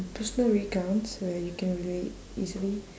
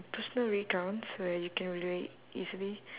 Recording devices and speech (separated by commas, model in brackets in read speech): standing microphone, telephone, conversation in separate rooms